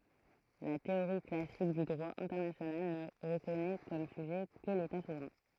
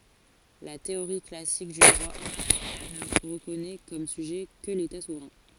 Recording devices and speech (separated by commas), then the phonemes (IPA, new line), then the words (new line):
throat microphone, forehead accelerometer, read sentence
la teoʁi klasik dy dʁwa ɛ̃tɛʁnasjonal nə ʁəkɔnɛ kɔm syʒɛ kə leta suvʁɛ̃
La théorie classique du droit international ne reconnait comme sujet que l'État souverain.